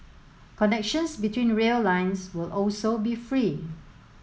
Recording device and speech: mobile phone (Samsung S8), read sentence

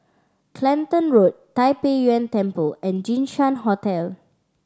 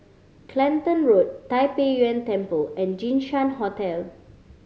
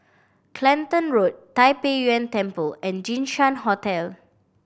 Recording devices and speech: standing microphone (AKG C214), mobile phone (Samsung C5010), boundary microphone (BM630), read sentence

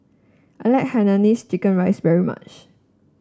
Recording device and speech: standing microphone (AKG C214), read sentence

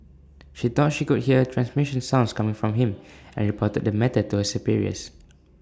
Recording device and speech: standing microphone (AKG C214), read sentence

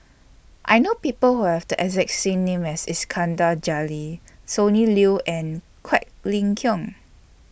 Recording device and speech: boundary microphone (BM630), read sentence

